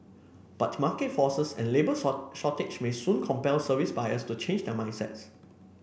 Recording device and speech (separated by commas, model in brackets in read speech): boundary microphone (BM630), read sentence